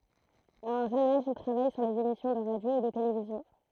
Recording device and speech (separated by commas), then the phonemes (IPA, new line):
throat microphone, read sentence
a œ̃ ʒøn aʒ il tʁavaj syʁ lez emisjɔ̃ də ʁadjo e də televizjɔ̃